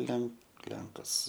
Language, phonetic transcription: Lithuanian, ˈlenk ˈlenkas

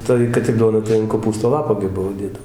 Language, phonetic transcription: Lithuanian, ˈtai kad ir ˈduona tai an koˈpūsto ˈlapo gi ˈbuvo ˈdėdav

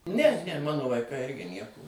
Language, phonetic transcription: Lithuanian, ne ne ˈmano vaiˈkai ˈirgi ˈnieko

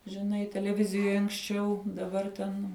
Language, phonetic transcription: Lithuanian, žiˈnai teleˈvizijoj anksˈčiau daˈbar ten

